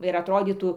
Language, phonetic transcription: Lithuanian, ˈva ir atˈrodytų

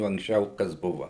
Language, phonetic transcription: Lithuanian, o anksˈčiau ˈkas ˈbuva

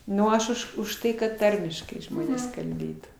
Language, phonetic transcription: Lithuanian, ˈnu aš ˈuž už ˈtai kad ˈtarmiškai ˈžmonės kalˈbėtų

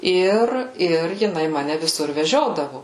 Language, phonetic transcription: Lithuanian, ˈir ir jiˈnai ˈmane viˈsur veˈžiodavu

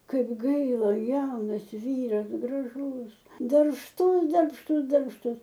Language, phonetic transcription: Lithuanian, ˈkaip ˈgaila ˈjaunas ˈvyras graˈžus darbšˈtus darbšˈtus darbšˈtus

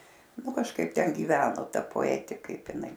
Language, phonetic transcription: Lithuanian, ˈnu kažˈkaip ˈten gyˈveno ˈta poeˈti ˈkaip iˈnai

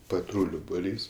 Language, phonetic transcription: Lithuanian, paˈtrūliu buˈrys

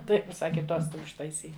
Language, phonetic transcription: Lithuanian, tai ˈjin ˈsaki ˈtos tai užtaiˈsyk

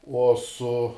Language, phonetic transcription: Lithuanian, ˈuo ˈsu

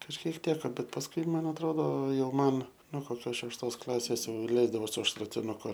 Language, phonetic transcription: Lithuanian, kažˈkiek ˈteka bet pasˈkui ˈman atˈrodo ˈjau ˈman no koˈkios šešˈtos ˈklasės ˈleisdavo su šratinuˈku

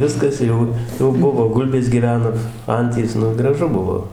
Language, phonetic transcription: Lithuanian, ˈviskas ˈjau jau ˈbuvo ˈgulbės gyˈveno ˈantys ˈnu graˈžu ˈbuvo

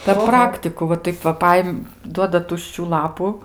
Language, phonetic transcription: Lithuanian, per ˈpraktiku va ˈtaip va ˈpaim ˈduoda ˈtuščių ˈlapu

